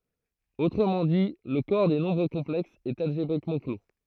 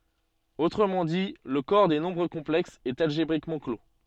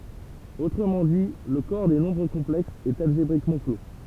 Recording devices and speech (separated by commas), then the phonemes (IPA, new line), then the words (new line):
throat microphone, soft in-ear microphone, temple vibration pickup, read sentence
otʁəmɑ̃ di lə kɔʁ de nɔ̃bʁ kɔ̃plɛksz ɛt alʒebʁikmɑ̃ klo
Autrement dit, le corps des nombres complexes est algébriquement clos.